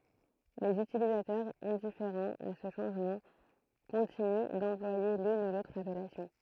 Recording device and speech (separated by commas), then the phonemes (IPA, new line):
throat microphone, read sentence
lez ytilizatœʁz ɛ̃difeʁɑ̃z a sə ʃɑ̃ʒmɑ̃ kɔ̃tiny dɑ̃plwaje lyn u lotʁ apɛlasjɔ̃